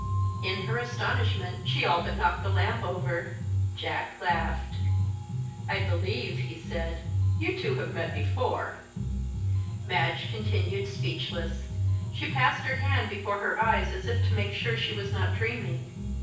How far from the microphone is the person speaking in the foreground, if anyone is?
9.8 m.